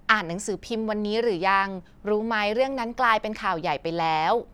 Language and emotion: Thai, neutral